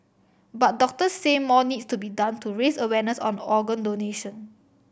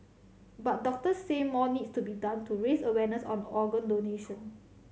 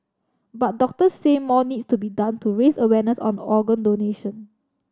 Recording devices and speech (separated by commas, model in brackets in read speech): boundary microphone (BM630), mobile phone (Samsung C7100), standing microphone (AKG C214), read sentence